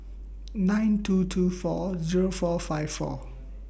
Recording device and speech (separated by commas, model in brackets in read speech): boundary microphone (BM630), read sentence